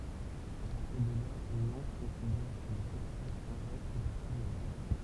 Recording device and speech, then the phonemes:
temple vibration pickup, read sentence
a paʁtiʁ də la nɑ̃t kɔ̃sidɛʁ kə lə sɛktœʁ sɛ̃tʒak fɛ paʁti də nɑ̃t

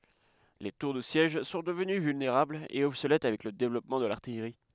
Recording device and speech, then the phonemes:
headset microphone, read sentence
le tuʁ də sjɛʒ sɔ̃ dəvəny vylneʁablz e ɔbsolɛt avɛk lə devlɔpmɑ̃ də laʁtijʁi

